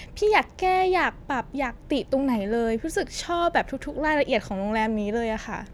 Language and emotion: Thai, happy